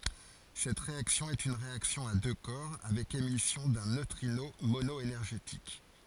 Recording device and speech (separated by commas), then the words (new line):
forehead accelerometer, read sentence
Cette réaction est une réaction à deux corps avec émission d'un neutrino mono-énergétique.